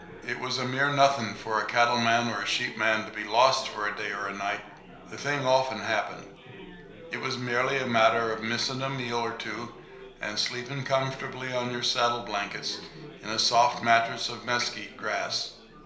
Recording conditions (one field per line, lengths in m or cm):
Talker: one person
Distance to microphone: 1.0 m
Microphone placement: close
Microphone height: 1.1 m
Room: small (3.7 m by 2.7 m)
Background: babble